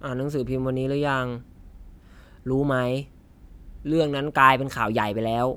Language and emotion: Thai, frustrated